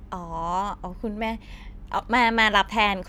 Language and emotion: Thai, neutral